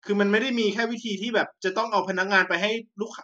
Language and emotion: Thai, frustrated